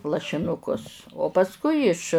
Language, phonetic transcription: Lithuanian, lašiˈnukus o pasˈkui iš

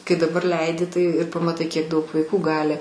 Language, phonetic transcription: Lithuanian, kai daˈbar ˈleidi tai ir pamaˈtai kiek ˈdaug vaiˈkų ˈgali

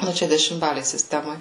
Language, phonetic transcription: Lithuanian, ˈnu ˈčia dešimˈbalėj siˈstemoj

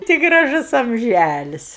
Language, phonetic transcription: Lithuanian, ˈti graˈžus amˈžælis

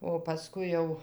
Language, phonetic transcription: Lithuanian, o paˈskui jau

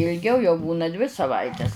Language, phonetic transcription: Lithuanian, ilˈgiau jau ˈbūna dvi saˈvaites

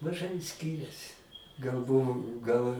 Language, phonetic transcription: Lithuanian, maˈžai ˈskiriasi gal ˈbuvu gal

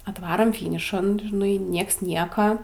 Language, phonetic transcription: Lithuanian, atˈvarom ˈfynišan žiˈnai ˈnieks ˈnieka

